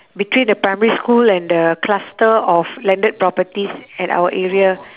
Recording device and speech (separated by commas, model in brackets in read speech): telephone, conversation in separate rooms